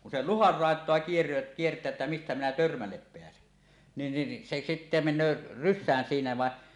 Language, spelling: Finnish, kun se luhan laitaa - kiertää että mistä minä törmälle pääsen niin niin se sitten menee rysään siinä vain
- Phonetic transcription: kun se "luhar 'ràet̀oa kier- , kiert̀ää että 'mistä minä "törmällep 'peäsen , nin nin se sitte men̆nöö "rys̆sään 'siinä vàe .

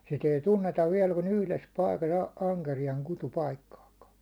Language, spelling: Finnish, sitä ei tunneta vielä kuin yhdessä paikassa - ankeriaan kutupaikkaakaan
- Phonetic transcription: sit ‿ei 'tunnetav viɛl ku'n ‿yhles paikas a- , 'aŋkerijaŋ 'kutu"paikkaaka .

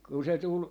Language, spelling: Finnish, kun se tuli
- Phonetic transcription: ku se 'tul , .

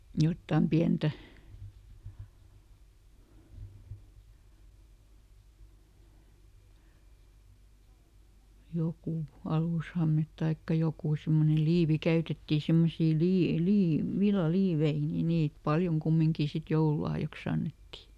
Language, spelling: Finnish, jotakin pientä joku alushame tai joku semmoinen liivi käytettiin semmoisia - - villaliivejä niin niitä paljon kumminkin sitten joululahjaksi annettiin
- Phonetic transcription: ˈjottam "piäntä , ˈjokù , "alùshamet taikka ˈjokù ˈsimmone "liivi ˈkäytetti semmosii ˈlie- , ˈlii- , ˈvilla"liivei ni ˈniit "paljoŋ ˈkummiŋkì sit "joululahjakˈs ‿annetti .

